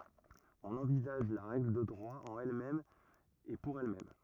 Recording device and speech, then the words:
rigid in-ear microphone, read sentence
On envisage la règle de droit en elle-même et pour elle-même.

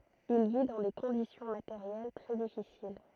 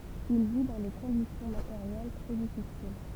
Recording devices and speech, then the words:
throat microphone, temple vibration pickup, read sentence
Il vit dans des conditions matérielles très difficiles.

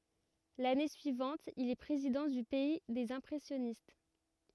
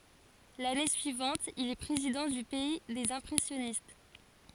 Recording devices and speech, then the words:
rigid in-ear microphone, forehead accelerometer, read sentence
L'année suivante, il est président du Pays des Impressionnistes.

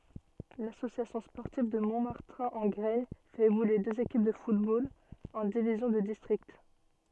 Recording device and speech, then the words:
soft in-ear microphone, read sentence
L'Association sportive de Montmartin-en-Graignes fait évoluer deux équipes de football en divisions de district.

